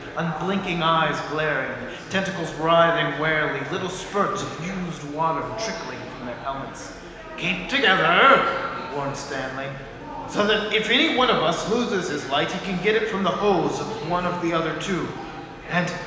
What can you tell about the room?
A large, echoing room.